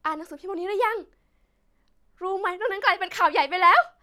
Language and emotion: Thai, happy